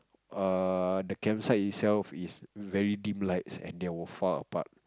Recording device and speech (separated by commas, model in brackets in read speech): close-talking microphone, conversation in the same room